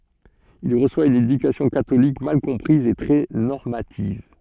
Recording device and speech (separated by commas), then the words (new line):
soft in-ear microphone, read sentence
Il reçoit une éducation catholique mal comprise et très normative.